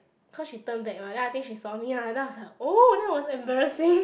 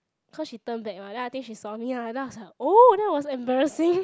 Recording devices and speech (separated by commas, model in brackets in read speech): boundary microphone, close-talking microphone, conversation in the same room